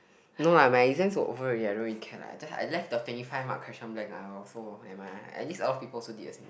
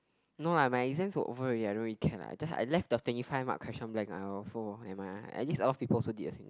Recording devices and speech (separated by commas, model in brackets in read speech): boundary microphone, close-talking microphone, conversation in the same room